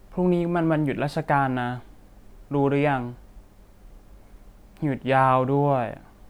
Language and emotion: Thai, frustrated